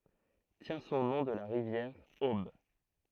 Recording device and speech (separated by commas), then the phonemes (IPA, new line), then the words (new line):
throat microphone, read sentence
tjɛ̃ sɔ̃ nɔ̃ də la ʁivjɛʁ ob
Tient son nom de la rivière Aube.